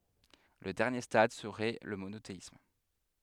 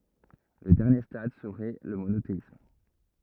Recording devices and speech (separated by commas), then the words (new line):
headset microphone, rigid in-ear microphone, read sentence
Le dernier stade serait le monothéisme.